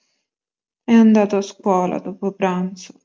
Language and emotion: Italian, sad